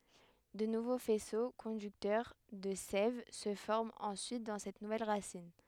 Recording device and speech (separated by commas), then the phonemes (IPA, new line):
headset microphone, read sentence
də nuvo fɛso kɔ̃dyktœʁ də sɛv sə fɔʁmt ɑ̃syit dɑ̃ sɛt nuvɛl ʁasin